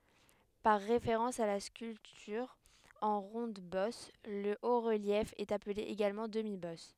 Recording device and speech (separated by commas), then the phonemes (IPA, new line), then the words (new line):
headset microphone, read sentence
paʁ ʁefeʁɑ̃s a la skyltyʁ ɑ̃ ʁɔ̃dbɔs lə otʁəljɛf ɛt aple eɡalmɑ̃ dəmibɔs
Par référence à la sculpture en ronde-bosse, le haut-relief est appelé également demi-bosse.